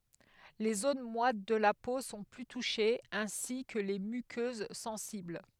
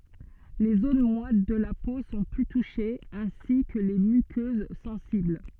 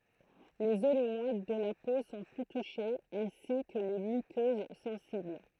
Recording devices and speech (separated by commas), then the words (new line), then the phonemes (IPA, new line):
headset microphone, soft in-ear microphone, throat microphone, read sentence
Les zones moites de la peau sont plus touchées, ainsi que les muqueuses sensibles.
le zon mwat də la po sɔ̃ ply tuʃez ɛ̃si kə le mykøz sɑ̃sibl